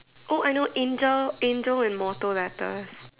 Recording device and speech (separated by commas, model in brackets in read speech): telephone, conversation in separate rooms